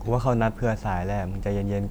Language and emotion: Thai, neutral